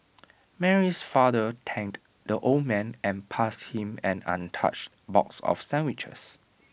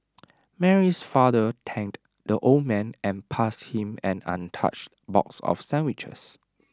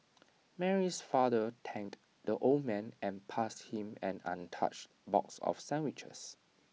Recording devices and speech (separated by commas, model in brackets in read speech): boundary microphone (BM630), standing microphone (AKG C214), mobile phone (iPhone 6), read sentence